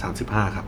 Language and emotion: Thai, neutral